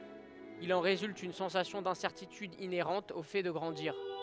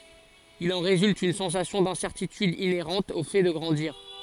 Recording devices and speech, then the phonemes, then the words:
headset microphone, forehead accelerometer, read sentence
il ɑ̃ ʁezylt yn sɑ̃sasjɔ̃ dɛ̃sɛʁtityd ineʁɑ̃t o fɛ də ɡʁɑ̃diʁ
Il en résulte une sensation d’incertitude inhérente au fait de grandir.

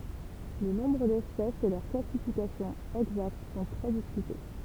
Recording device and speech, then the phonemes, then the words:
temple vibration pickup, read sentence
lə nɔ̃bʁ dɛspɛsz e lœʁ klasifikasjɔ̃ ɛɡzakt sɔ̃ tʁɛ diskyte
Le nombre d'espèces et leur classification exacte sont très discutés.

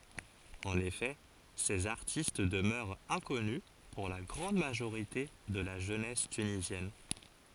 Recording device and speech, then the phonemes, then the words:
forehead accelerometer, read sentence
ɑ̃n efɛ sez aʁtist dəmœʁt ɛ̃kɔny puʁ la ɡʁɑ̃d maʒoʁite də la ʒønɛs tynizjɛn
En effet, ces artistes demeurent inconnus pour la grande majorité de la jeunesse tunisienne.

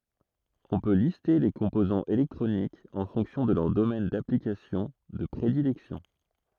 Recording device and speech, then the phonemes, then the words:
throat microphone, read sentence
ɔ̃ pø liste le kɔ̃pozɑ̃z elɛktʁonikz ɑ̃ fɔ̃ksjɔ̃ də lœʁ domɛn daplikasjɔ̃ də pʁedilɛksjɔ̃
On peut lister les composants électroniques en fonction de leur domaine d'application de prédilection.

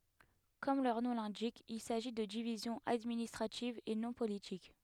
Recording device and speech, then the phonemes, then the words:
headset microphone, read sentence
kɔm lœʁ nɔ̃ lɛ̃dik il saʒi də divizjɔ̃z administʁativz e nɔ̃ politik
Comme leur nom l'indique, il s'agit de divisions administratives et non politiques.

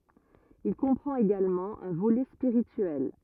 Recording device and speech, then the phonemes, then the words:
rigid in-ear microphone, read sentence
il kɔ̃pʁɑ̃t eɡalmɑ̃ œ̃ volɛ spiʁityɛl
Il comprend également un volet spirituel.

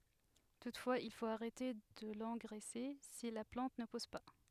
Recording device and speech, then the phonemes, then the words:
headset microphone, read sentence
tutfwaz il fot aʁɛte də lɑ̃ɡʁɛse si la plɑ̃t nə pus pa
Toutefois, il faut arrêter de l'engraisser si la plante ne pousse pas.

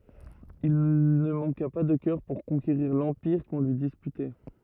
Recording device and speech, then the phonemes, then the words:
rigid in-ear microphone, read sentence
il nə mɑ̃ka pa də kœʁ puʁ kɔ̃keʁiʁ lɑ̃piʁ kɔ̃ lyi dispytɛ
Il ne manqua pas de cœur pour conquérir l’empire qu’on lui disputait.

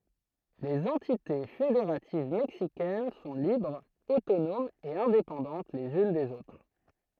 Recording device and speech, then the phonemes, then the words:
throat microphone, read sentence
lez ɑ̃tite fedeʁativ mɛksikɛn sɔ̃ libʁz otonomz e ɛ̃depɑ̃dɑ̃t lez yn dez otʁ
Les entités fédératives mexicaines sont libres, autonomes et indépendantes les unes des autres.

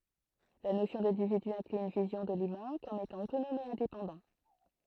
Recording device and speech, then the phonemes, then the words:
throat microphone, read sentence
la nosjɔ̃ dɛ̃dividy ɛ̃kly yn vizjɔ̃ də lymɛ̃ kɔm etɑ̃ otonɔm e ɛ̃depɑ̃dɑ̃
La notion d'individu inclut une vision de l'humain comme étant autonome et indépendant.

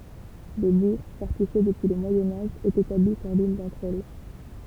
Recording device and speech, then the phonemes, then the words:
temple vibration pickup, read sentence
lə buʁ fɔʁtifje dəpyi lə mwajɛ̃ aʒ ɛt etabli syʁ lyn dɑ̃tʁ ɛl
Le bourg, fortifié depuis le Moyen Âge, est établi sur l'une d'entre elles.

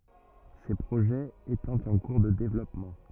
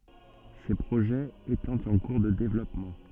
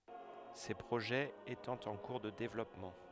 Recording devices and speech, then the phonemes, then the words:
rigid in-ear microphone, soft in-ear microphone, headset microphone, read sentence
se pʁoʒɛz etɑ̃ ɑ̃ kuʁ də devlɔpmɑ̃
Ces projets étant en cours de développement.

